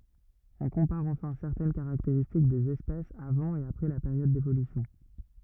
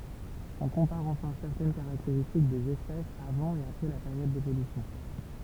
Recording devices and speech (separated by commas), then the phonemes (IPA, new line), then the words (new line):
rigid in-ear microphone, temple vibration pickup, read sentence
ɔ̃ kɔ̃paʁ ɑ̃fɛ̃ sɛʁtɛn kaʁakteʁistik dez ɛspɛsz avɑ̃ e apʁɛ la peʁjɔd devolysjɔ̃
On compare enfin certaines caractéristiques des espèces avant et après la période d'évolution.